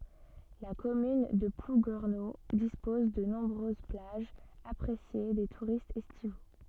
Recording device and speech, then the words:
soft in-ear microphone, read sentence
La commune de Plouguerneau dispose de nombreuses plages, appréciées des touristes estivaux.

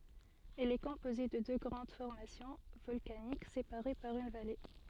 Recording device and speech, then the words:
soft in-ear microphone, read sentence
Elle est composée de deux grandes formations volcaniques séparées par une vallée.

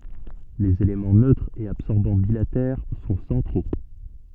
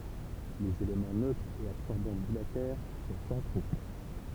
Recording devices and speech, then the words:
soft in-ear microphone, temple vibration pickup, read sentence
Les éléments neutre et absorbant bilatères sont centraux.

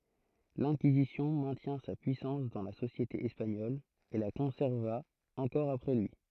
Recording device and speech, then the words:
throat microphone, read sentence
L'Inquisition maintient sa puissance dans la société espagnole et la conserva encore après lui.

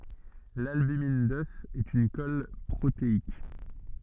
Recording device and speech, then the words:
soft in-ear microphone, read sentence
L’albumine d’œuf est une colle protéique.

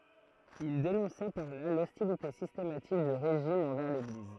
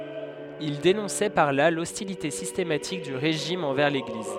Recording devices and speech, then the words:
throat microphone, headset microphone, read sentence
Il dénonçait par là l'hostilité systématique du régime envers l'Église.

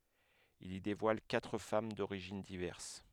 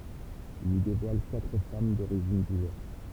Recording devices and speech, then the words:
headset microphone, temple vibration pickup, read sentence
Il y dévoile quatre femmes d'origines diverses.

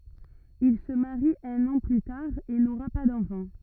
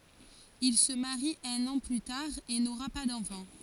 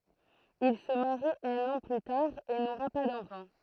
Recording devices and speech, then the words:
rigid in-ear microphone, forehead accelerometer, throat microphone, read sentence
Il se marie un an plus tard et n’aura pas d’enfants.

